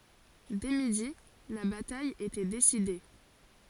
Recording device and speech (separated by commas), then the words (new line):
forehead accelerometer, read sentence
Dès midi, la bataille était décidée.